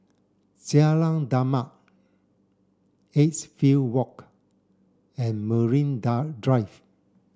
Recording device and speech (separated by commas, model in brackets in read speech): standing microphone (AKG C214), read sentence